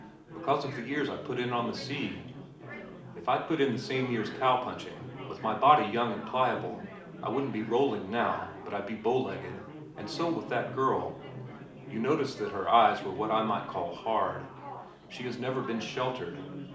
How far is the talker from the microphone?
2.0 m.